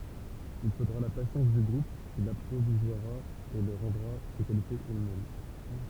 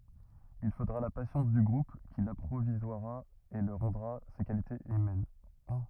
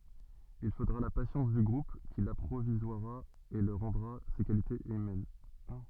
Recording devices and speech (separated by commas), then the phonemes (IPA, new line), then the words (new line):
temple vibration pickup, rigid in-ear microphone, soft in-ear microphone, read sentence
il fodʁa la pasjɑ̃s dy ɡʁup ki lapʁivwazʁa e lyi ʁɑ̃dʁa se kalitez ymɛn
Il faudra la patience du groupe qui l'apprivoisera et lui rendra ses qualités humaines.